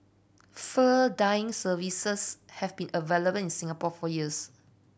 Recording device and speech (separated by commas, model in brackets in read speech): boundary microphone (BM630), read sentence